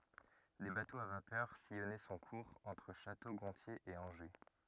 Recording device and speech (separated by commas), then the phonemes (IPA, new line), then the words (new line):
rigid in-ear microphone, read sentence
de batoz a vapœʁ sijɔnɛ sɔ̃ kuʁz ɑ̃tʁ ʃato ɡɔ̃tje e ɑ̃ʒe
Des bateaux à vapeur sillonnaient son cours entre Château-Gontier et Angers.